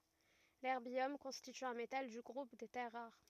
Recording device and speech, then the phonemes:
rigid in-ear microphone, read sentence
lɛʁbjɔm kɔ̃stity œ̃ metal dy ɡʁup de tɛʁ ʁaʁ

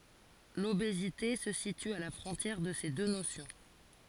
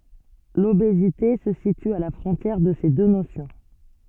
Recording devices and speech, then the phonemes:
forehead accelerometer, soft in-ear microphone, read sentence
lobezite sə sity a la fʁɔ̃tjɛʁ də se dø nosjɔ̃

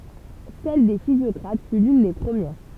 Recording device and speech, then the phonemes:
temple vibration pickup, read sentence
sɛl de fizjɔkʁat fy lyn de pʁəmjɛʁ

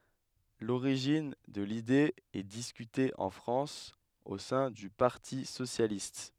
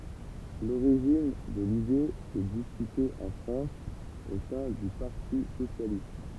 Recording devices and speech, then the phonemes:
headset microphone, temple vibration pickup, read sentence
loʁiʒin də lide ɛ diskyte ɑ̃ fʁɑ̃s o sɛ̃ dy paʁti sosjalist

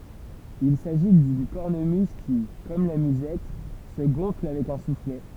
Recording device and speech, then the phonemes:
temple vibration pickup, read sentence
il saʒi dyn kɔʁnəmyz ki kɔm la myzɛt sə ɡɔ̃fl avɛk œ̃ suflɛ

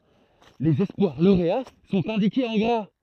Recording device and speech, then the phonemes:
throat microphone, read sentence
lez ɛspwaʁ loʁea sɔ̃t ɛ̃dikez ɑ̃ ɡʁa

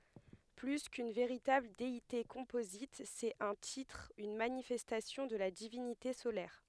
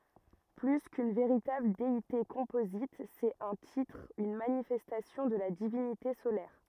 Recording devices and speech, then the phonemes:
headset microphone, rigid in-ear microphone, read sentence
ply kyn veʁitabl deite kɔ̃pozit sɛt œ̃ titʁ yn manifɛstasjɔ̃ də la divinite solɛʁ

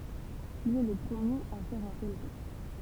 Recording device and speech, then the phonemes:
temple vibration pickup, read sentence
il ɛ lə pʁəmjeʁ a fɛʁ œ̃ tɛl ʒɛst

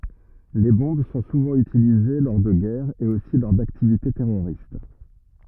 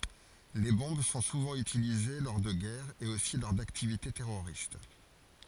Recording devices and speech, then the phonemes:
rigid in-ear microphone, forehead accelerometer, read sentence
le bɔ̃b sɔ̃ suvɑ̃ ytilize lɔʁ də ɡɛʁz e osi lɔʁ daktivite tɛʁoʁist

